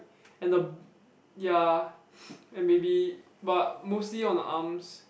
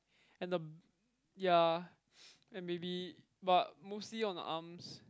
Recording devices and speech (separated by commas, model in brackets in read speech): boundary microphone, close-talking microphone, conversation in the same room